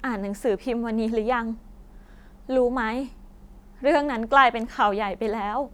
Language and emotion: Thai, sad